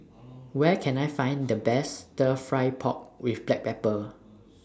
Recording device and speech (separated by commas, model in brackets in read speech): standing microphone (AKG C214), read sentence